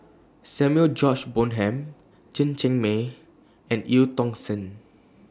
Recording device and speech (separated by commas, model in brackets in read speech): standing microphone (AKG C214), read sentence